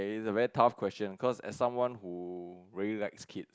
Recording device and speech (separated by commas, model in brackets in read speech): close-talking microphone, conversation in the same room